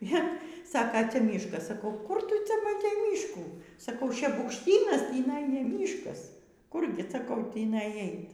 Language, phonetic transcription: Lithuanian, ˈjie ˈsaka ˈcia ˈmyškas saˈkau kur ˈtu ˈcia maˈtei ˈmyškų saˈkau šebukšˈtynas tįˈnai ne ˈmyškas ˈkurgi saˈkau ˈtįnai ˈait

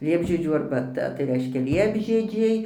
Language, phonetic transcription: Lithuanian, ˈliepžiedžių arbaˈta tai ˈreiškia ˈliepžiedžiai

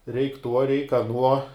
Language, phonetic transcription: Lithuanian, reik' ˈtuo reik aˈnuo

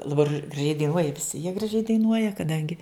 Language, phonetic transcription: Lithuanian, laˈbar graˈžiai daiˈnuoja viˈsi jie graˈžiai daiˈnuoja kaˈdangi

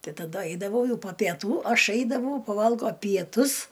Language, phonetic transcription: Lithuanian, ˈtai taˈdu ˈaidavau ˈjau po pieˈtų o ˈaš ˈaidavau paˈvalgo pieˈtus

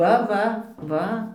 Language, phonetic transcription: Lithuanian, ˈva ˈva ˈva

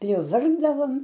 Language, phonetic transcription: Lithuanian, priˈvargdavom

